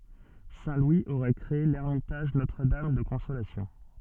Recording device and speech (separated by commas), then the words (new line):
soft in-ear microphone, read sentence
Saint Louis aurait créé l'Ermitage Notre-Dame de Consolation.